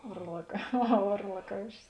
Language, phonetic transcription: Lithuanian, varlak aˈha ˌvarlaˈkaušis

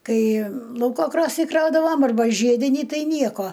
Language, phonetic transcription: Lithuanian, ˈkai ˈlauko ˈkrosnį ˈkraudavam arˈba ˈžiedinį ˈtai ˈnieko

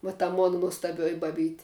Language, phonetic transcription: Lithuanian, va ta ˈmona nuostaˈbioji baˈbyti

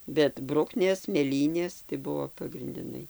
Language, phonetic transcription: Lithuanian, bet ˈbruknės mėˈlynės tai ˈbuvo pagrindiˈnai

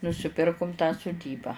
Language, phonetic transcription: Lithuanian, nusiˈpirkum tą suˈdybą

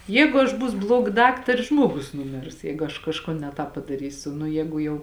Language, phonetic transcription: Lithuanian, ˈjeigu aš ˈbūsu ˈbluoga ˈdaktari ˈžmuogus nuˈmirs ˈjeigu aš kažˈkon ne ˈtāp padaˈrysiu nu ˈjēgu jau

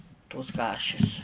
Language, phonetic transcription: Lithuanian, tos ˈkašis

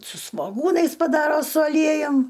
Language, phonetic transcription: Lithuanian, su svoˈgūnais paˈdaro su aˈliejum

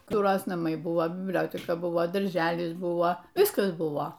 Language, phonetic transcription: Lithuanian, ˈkur ˈjos naˈmai ˈbuvo bibˈlioteka ˈbuvo darˈželis ˈbuvo ˈviskas ˈbuvo

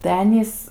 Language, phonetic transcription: Lithuanian, tai ˈanys

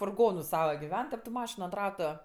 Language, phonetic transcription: Lithuanian, furˈgonu ˈsava giˈven tep tu ˈmašinu ant ˈratu

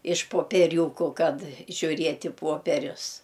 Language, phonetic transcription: Lithuanian, iš popieˈriūkų ˈkad žiūˈriet' i ˈpuoperius

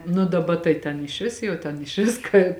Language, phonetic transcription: Lithuanian, nu daˈba tai ten išˈvis jau ˈten išˈvis ka

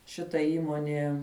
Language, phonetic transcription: Lithuanian, šiˈta ˈįmonie

